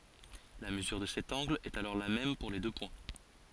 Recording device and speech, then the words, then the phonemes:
forehead accelerometer, read sentence
La mesure de cet angle est alors la même pour les deux points.
la məzyʁ də sɛt ɑ̃ɡl ɛt alɔʁ la mɛm puʁ le dø pwɛ̃

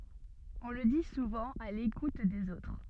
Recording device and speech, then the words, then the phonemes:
soft in-ear microphone, read sentence
On le dit souvent à l’écoute des autres.
ɔ̃ lə di suvɑ̃ a lekut dez otʁ

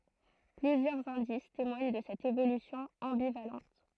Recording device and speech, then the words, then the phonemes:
throat microphone, read sentence
Plusieurs indices témoignent de cette évolution ambivalente.
plyzjœʁz ɛ̃dis temwaɲ də sɛt evolysjɔ̃ ɑ̃bivalɑ̃t

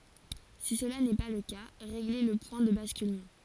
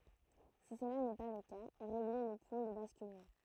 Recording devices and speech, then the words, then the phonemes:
forehead accelerometer, throat microphone, read sentence
Si cela n'est pas le cas régler le point de basculement.
si səla nɛ pa lə ka ʁeɡle lə pwɛ̃ də baskylmɑ̃

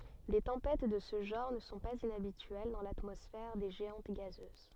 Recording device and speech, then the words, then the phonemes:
soft in-ear microphone, read sentence
Des tempêtes de ce genre ne sont pas inhabituelles dans l'atmosphère des géantes gazeuses.
de tɑ̃pɛt də sə ʒɑ̃ʁ nə sɔ̃ paz inabityɛl dɑ̃ latmɔsfɛʁ de ʒeɑ̃t ɡazøz

